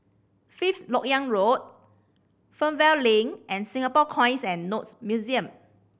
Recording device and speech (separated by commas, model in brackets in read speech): boundary microphone (BM630), read sentence